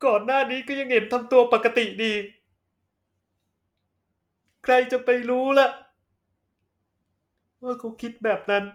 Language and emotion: Thai, sad